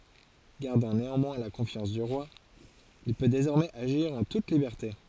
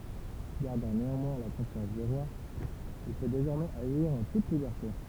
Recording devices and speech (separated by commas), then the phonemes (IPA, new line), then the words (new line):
forehead accelerometer, temple vibration pickup, read sentence
ɡaʁdɑ̃ neɑ̃mwɛ̃ la kɔ̃fjɑ̃s dy ʁwa il pø dezɔʁmɛz aʒiʁ ɑ̃ tut libɛʁte
Gardant néanmoins la confiance du roi, il peut désormais agir en toute liberté.